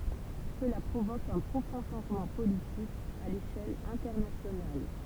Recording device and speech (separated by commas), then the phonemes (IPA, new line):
temple vibration pickup, read sentence
səla pʁovok œ̃ pʁofɔ̃ ʃɑ̃ʒmɑ̃ politik a leʃɛl ɛ̃tɛʁnasjonal